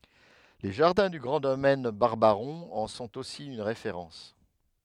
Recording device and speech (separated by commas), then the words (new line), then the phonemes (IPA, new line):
headset microphone, read sentence
Les jardins du grand domaine Barbaron en sont aussi une référence.
le ʒaʁdɛ̃ dy ɡʁɑ̃ domɛn baʁbaʁɔ̃ ɑ̃ sɔ̃t osi yn ʁefeʁɑ̃s